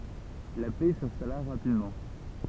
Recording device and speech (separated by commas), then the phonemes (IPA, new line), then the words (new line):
temple vibration pickup, read sentence
la pɛ sɛ̃stala ʁapidmɑ̃
La paix s'installa rapidement.